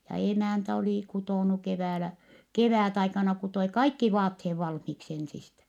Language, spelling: Finnish, ja emäntä oli kutonut keväällä kevätaikana kutoi kaikki vaatteet valmiiksi ensistä
- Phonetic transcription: ja emä̀ntä olì kutònu keväälä , kevä̀taikana kutoi kaikki vaathee valhmiksi ensistä .

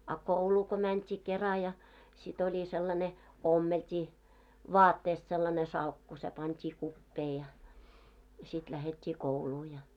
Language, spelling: Finnish, a kouluun kun mentiin kera ja sitten oli sellainen ommeltiin vaatteesta sellainen salkku se pantiin kupeeseen ja ja sitten lähdettiin kouluun ja
- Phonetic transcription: a "kouluu ko mänt́ii 'kera ja , sit oĺi sellane , 'ommelt́ii , "vaatteest sellane 'salkku se 'pant́ii 'kuppee ja , ja sit lähet́t́ii "kouluu ja .

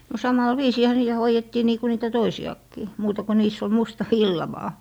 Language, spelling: Finnish, no samalla viisiinhän niitä hoidettiin niin kuin niitä toisiakin muuta kuin niissä oli musta villa vain
- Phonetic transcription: no 'samal "viisiihä 'nii₍ä 'hoijettii nii ku niitä 'toisi₍akkii , 'muuta ku niis ‿ol 'musta "villa vaa .

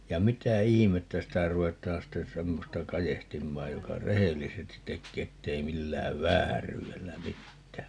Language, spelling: Finnish, ja mitä ihmettä sitä ruvetaan sitten semmoista kadehtimaan joka rehellisesti tekee että ei millään vääryydellä mitään
- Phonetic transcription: ja "mitä 'ihimettä 'sitä 'ru₍et̆taan sten̬ 'semmosta "kajehtimmaaj 'joka "rehellisestit 'tekkee 'ettei 'millääv "vääryy₍ellä 'mittää .

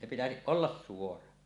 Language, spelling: Finnish, se pitäisi olla suora
- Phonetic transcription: se pitäsiˀ "ˀollas 'suora .

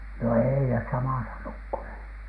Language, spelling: Finnish, no ei ne samassa nukkua
- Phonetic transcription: no 'èi nes "samàsa nukkunhe .

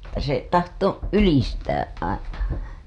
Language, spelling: Finnish, että se tahtoi ylistä aina
- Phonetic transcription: (et)tä se tahto , "ylistäˀ ˀaina .

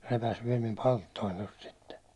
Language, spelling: Finnish, repäisi vielä minun palttooni tuosta sitten
- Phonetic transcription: 'repäs viɛl mim "palttoin tost sitte .

